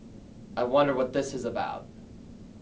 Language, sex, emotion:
English
male
neutral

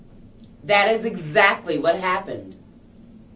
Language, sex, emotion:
English
female
angry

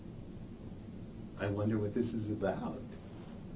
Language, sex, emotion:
English
male
neutral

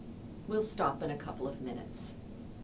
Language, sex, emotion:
English
female
neutral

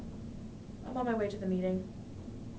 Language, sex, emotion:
English
female
sad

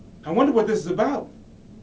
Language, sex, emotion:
English
male
fearful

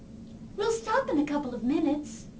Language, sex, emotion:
English
female
happy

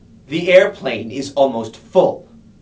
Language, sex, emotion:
English
male
disgusted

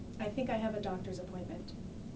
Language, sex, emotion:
English
female
neutral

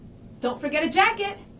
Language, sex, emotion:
English
female
happy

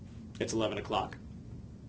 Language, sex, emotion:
English
male
neutral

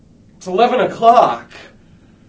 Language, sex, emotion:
English
male
fearful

